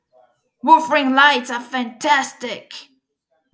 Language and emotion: English, angry